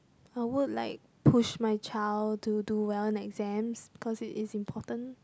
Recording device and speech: close-talking microphone, conversation in the same room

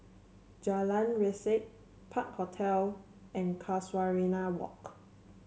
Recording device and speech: mobile phone (Samsung C7), read sentence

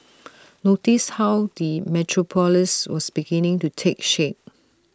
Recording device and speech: standing microphone (AKG C214), read sentence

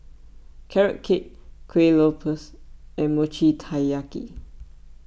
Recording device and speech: boundary microphone (BM630), read sentence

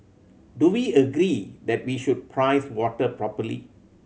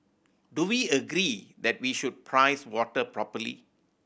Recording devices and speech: mobile phone (Samsung C7100), boundary microphone (BM630), read sentence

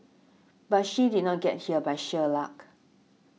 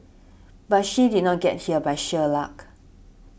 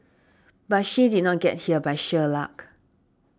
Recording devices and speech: mobile phone (iPhone 6), boundary microphone (BM630), standing microphone (AKG C214), read sentence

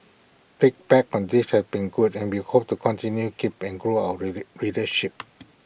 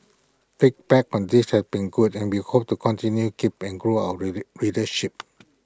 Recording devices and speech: boundary microphone (BM630), close-talking microphone (WH20), read sentence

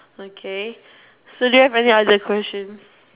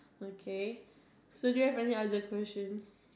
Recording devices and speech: telephone, standing microphone, conversation in separate rooms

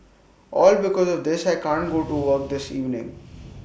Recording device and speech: boundary microphone (BM630), read sentence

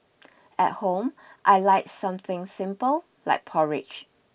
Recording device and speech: boundary microphone (BM630), read sentence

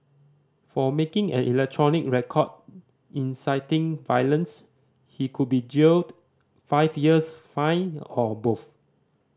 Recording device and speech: standing microphone (AKG C214), read sentence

